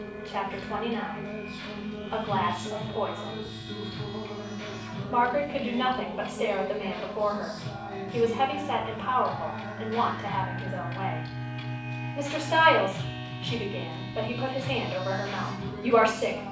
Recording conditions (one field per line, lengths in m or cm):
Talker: one person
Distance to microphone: 5.8 m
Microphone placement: far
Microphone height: 1.8 m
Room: medium-sized (5.7 m by 4.0 m)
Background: music